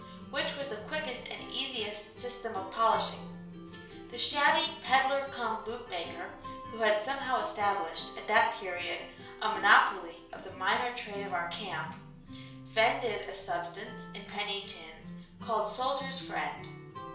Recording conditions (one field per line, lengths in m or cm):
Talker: one person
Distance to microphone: 1.0 m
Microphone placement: close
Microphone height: 1.1 m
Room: small (3.7 m by 2.7 m)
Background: music